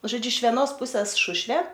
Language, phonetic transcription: Lithuanian, žoˈdžiu iš veˈnos ˈpuses ˈšušvė

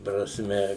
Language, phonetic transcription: Lithuanian, prasˈme

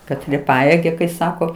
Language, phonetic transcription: Lithuanian, kaˈtrie ˈpajėgia kai ˈsako

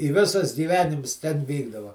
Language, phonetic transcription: Lithuanian, i ˈvisas gyˈvenims ten ˈvykdava

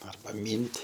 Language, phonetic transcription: Lithuanian, arˈba ˈmynt'

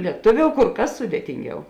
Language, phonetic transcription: Lithuanian, lieˈtuˌviou kur ˈkas ˈsudėtinˌgiau

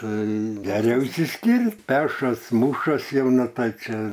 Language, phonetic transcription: Lithuanian, ˈtai geˈriau išsiˈskirt ˈpešas ˈmušas ˈjau ˈnu ˈtai ˈčia

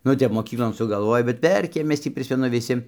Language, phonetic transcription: Lithuanian, ˈnu ˈtep moˈkyklon sugalˈvoj bet ˈverkėm ˈmes tį ˈprismenu viˈsi

